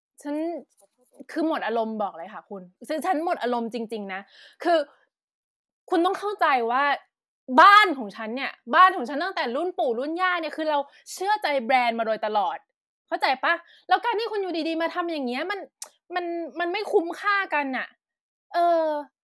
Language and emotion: Thai, frustrated